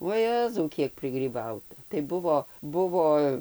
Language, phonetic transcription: Lithuanian, vuo ˈjezau ˈkiek prigryˈbauta tai ˈbuvo ˈbuvo

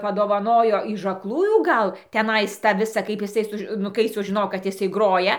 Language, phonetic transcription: Lithuanian, padovaˈnojo iž aklˈųjų ˈgal teˈnais tą ˈvisą kaip jiˈsai ˈsuž nu ˈkai sužiˈnojo kad ˈjisai ˈgroja

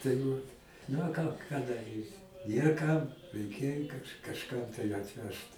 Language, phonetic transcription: Lithuanian, tai ˈvat na ˈką ką daˈrysi ˈnėr kam reiˈkėj kaž kažˈkam tai atˈvežt

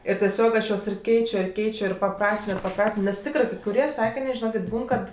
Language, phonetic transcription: Lithuanian, ir teˈsiog ˈaš ˈjuos ir ˈkeičio ir ˈkeičio ir paˈprastino ir paˈprastino nes ˈtikrɜ kai kuˈrie ˈsakinė žiˈnokėt' ˈbūn kad

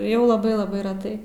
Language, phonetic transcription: Lithuanian, ˈjau laˈbai laˈbai reˈtai

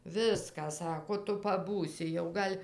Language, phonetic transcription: Lithuanian, ˈviską ˈsako ˈtu paˈbūsi jau ˈgal'

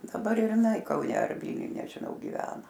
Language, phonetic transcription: Lithuanian, daˈbar ir iˈnai kauˈne ar ˈvylniuj nežiˈnau giˈvena

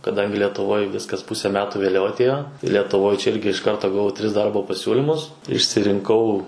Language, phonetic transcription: Lithuanian, kaˈdangi letuˈvoj ˈviskas ˈpuse ˈmetu vėˈliau aˈtėjo letuˈvoj čia ˈirgi iš ˈkarto gaˈvau ˈtris ˈdarbo paˈsiūlimus išsirinˈkau

